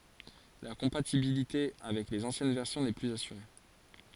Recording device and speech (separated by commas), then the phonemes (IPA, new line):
forehead accelerometer, read sentence
la kɔ̃patibilite avɛk lez ɑ̃sjɛn vɛʁsjɔ̃ nɛ plyz asyʁe